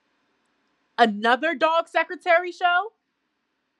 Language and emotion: English, angry